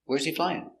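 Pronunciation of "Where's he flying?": In 'Where's he flying?', the words 'where's he' are linked together.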